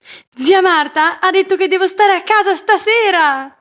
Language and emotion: Italian, happy